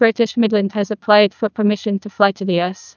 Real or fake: fake